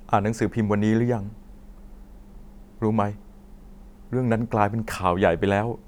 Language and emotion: Thai, sad